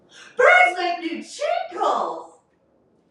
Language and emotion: English, happy